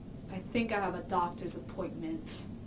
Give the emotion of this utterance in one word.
angry